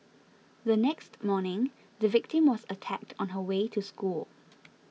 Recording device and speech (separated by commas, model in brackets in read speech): mobile phone (iPhone 6), read sentence